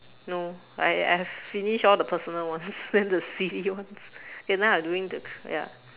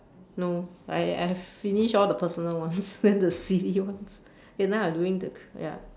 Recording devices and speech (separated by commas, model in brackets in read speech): telephone, standing microphone, conversation in separate rooms